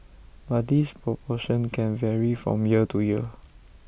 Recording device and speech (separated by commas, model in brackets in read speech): boundary microphone (BM630), read sentence